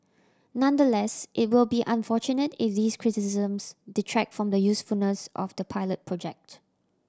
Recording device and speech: standing microphone (AKG C214), read sentence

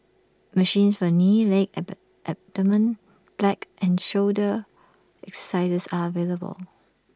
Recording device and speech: standing microphone (AKG C214), read sentence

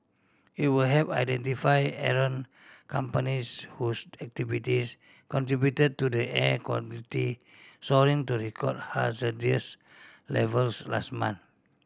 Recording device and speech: standing microphone (AKG C214), read sentence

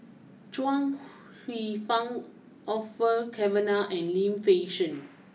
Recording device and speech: mobile phone (iPhone 6), read sentence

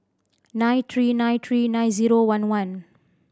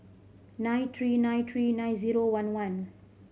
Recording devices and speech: standing microphone (AKG C214), mobile phone (Samsung C5010), read sentence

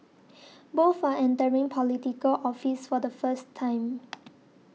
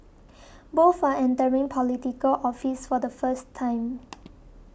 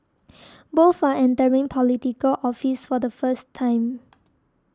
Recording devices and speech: mobile phone (iPhone 6), boundary microphone (BM630), standing microphone (AKG C214), read sentence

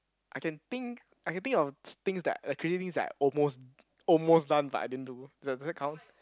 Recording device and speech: close-talking microphone, conversation in the same room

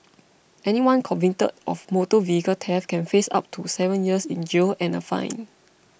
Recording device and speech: boundary microphone (BM630), read sentence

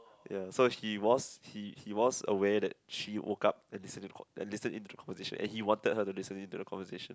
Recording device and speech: close-talking microphone, conversation in the same room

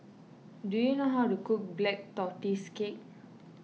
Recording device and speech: mobile phone (iPhone 6), read sentence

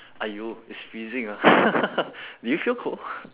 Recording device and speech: telephone, conversation in separate rooms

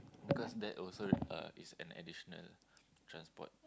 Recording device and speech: close-talking microphone, conversation in the same room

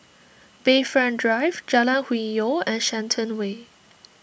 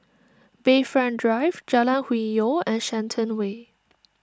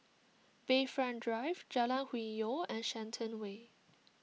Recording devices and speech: boundary microphone (BM630), standing microphone (AKG C214), mobile phone (iPhone 6), read sentence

